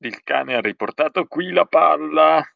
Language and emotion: Italian, sad